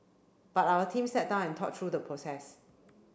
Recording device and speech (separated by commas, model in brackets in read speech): boundary microphone (BM630), read sentence